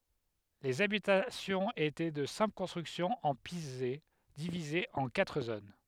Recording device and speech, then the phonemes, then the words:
headset microphone, read sentence
lez abitasjɔ̃z etɛ də sɛ̃pl kɔ̃stʁyksjɔ̃z ɑ̃ pize divizez ɑ̃ katʁ zon
Les habitations étaient de simples constructions en pisé, divisées en quatre zones.

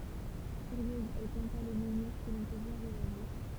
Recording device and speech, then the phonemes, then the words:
temple vibration pickup, read sentence
fyʁjøz ɛl plɑ̃ta lə mɑ̃niʁ kə lɔ̃ pø vwaʁ oʒuʁdyi
Furieuse, elle planta le menhir que l’on peut voir aujourd’hui.

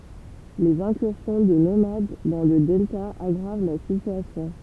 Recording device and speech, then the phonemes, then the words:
temple vibration pickup, read sentence
lez ɛ̃kyʁsjɔ̃ də nomad dɑ̃ lə dɛlta aɡʁav la sityasjɔ̃
Les incursions de nomades dans le delta aggravent la situation.

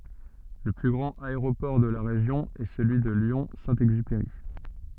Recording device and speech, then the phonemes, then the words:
soft in-ear microphone, read sentence
lə ply ɡʁɑ̃t aeʁopɔʁ də la ʁeʒjɔ̃ ɛ səlyi də ljɔ̃ sɛ̃ ɛɡzypeʁi
Le plus grand aéroport de la région est celui de Lyon Saint-Exupéry.

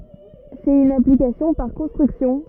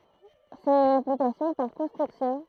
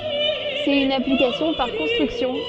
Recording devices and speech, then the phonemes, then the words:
rigid in-ear microphone, throat microphone, soft in-ear microphone, read sentence
sɛt yn aplikasjɔ̃ paʁ kɔ̃stʁyksjɔ̃
C'est une application par construction.

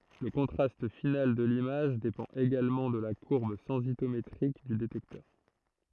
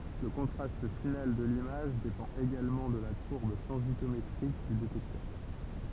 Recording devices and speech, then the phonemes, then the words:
throat microphone, temple vibration pickup, read sentence
lə kɔ̃tʁast final də limaʒ depɑ̃t eɡalmɑ̃ də la kuʁb sɑ̃sitometʁik dy detɛktœʁ
Le contraste final de l'image dépend également de la courbe sensitométrique du détecteur.

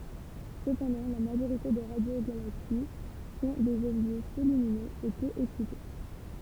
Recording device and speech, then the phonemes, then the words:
temple vibration pickup, read sentence
səpɑ̃dɑ̃ la maʒoʁite de ʁadjoɡalaksi sɔ̃ dez ɔbʒɛ pø lyminøz e pø ɛksite
Cependant, la majorité des radiogalaxies sont des objets peu lumineux et peu excités.

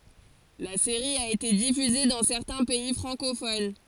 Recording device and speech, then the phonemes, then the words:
forehead accelerometer, read sentence
la seʁi a ete difyze dɑ̃ sɛʁtɛ̃ pɛi fʁɑ̃kofon
La série a été diffusée dans certains pays francophones.

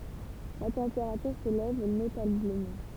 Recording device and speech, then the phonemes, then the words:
temple vibration pickup, read sentence
la tɑ̃peʁatyʁ selɛv notabləmɑ̃
La température s'élève notablement.

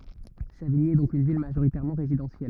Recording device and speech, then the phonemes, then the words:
rigid in-ear microphone, read sentence
saviɲi ɛ dɔ̃k yn vil maʒoʁitɛʁmɑ̃ ʁezidɑ̃sjɛl
Savigny est donc une ville majoritairement résidentielle.

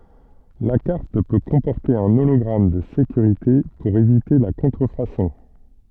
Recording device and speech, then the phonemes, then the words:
soft in-ear microphone, read sentence
la kaʁt pø kɔ̃pɔʁte œ̃ olɔɡʁam də sekyʁite puʁ evite la kɔ̃tʁəfasɔ̃
La carte peut comporter un hologramme de sécurité pour éviter la contrefaçon.

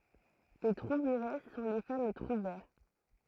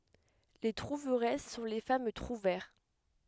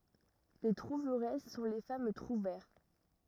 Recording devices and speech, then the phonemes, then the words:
throat microphone, headset microphone, rigid in-ear microphone, read sentence
le tʁuvʁɛs sɔ̃ le fam tʁuvɛʁ
Les trouveresses sont les femmes trouvères.

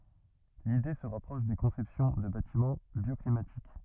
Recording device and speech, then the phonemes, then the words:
rigid in-ear microphone, read sentence
lide sə ʁapʁɔʃ de kɔ̃sɛpsjɔ̃ də batimɑ̃ bjɔklimatik
L'idée se rapproche des conceptions de bâtiments bioclimatiques.

